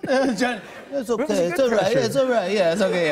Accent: New York accent